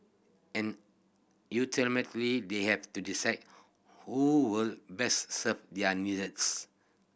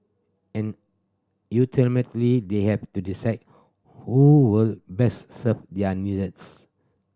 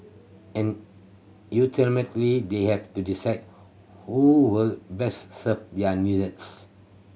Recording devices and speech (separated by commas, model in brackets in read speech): boundary microphone (BM630), standing microphone (AKG C214), mobile phone (Samsung C7100), read sentence